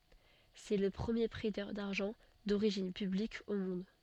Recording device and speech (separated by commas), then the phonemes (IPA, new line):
soft in-ear microphone, read sentence
sɛ lə pʁəmje pʁɛtœʁ daʁʒɑ̃ doʁiʒin pyblik o mɔ̃d